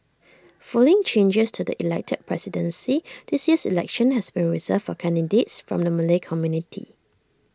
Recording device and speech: standing microphone (AKG C214), read sentence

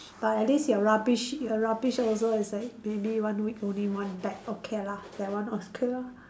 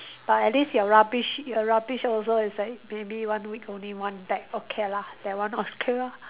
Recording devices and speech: standing microphone, telephone, conversation in separate rooms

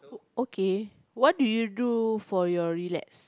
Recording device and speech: close-talking microphone, conversation in the same room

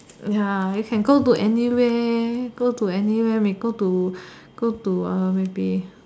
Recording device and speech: standing microphone, conversation in separate rooms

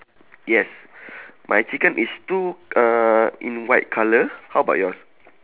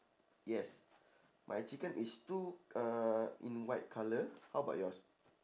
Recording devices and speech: telephone, standing microphone, conversation in separate rooms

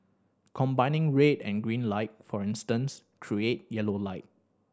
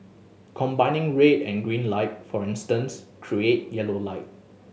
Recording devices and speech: standing microphone (AKG C214), mobile phone (Samsung S8), read sentence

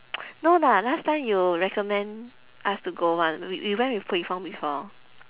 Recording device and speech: telephone, conversation in separate rooms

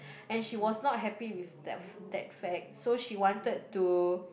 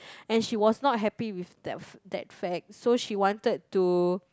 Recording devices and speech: boundary microphone, close-talking microphone, conversation in the same room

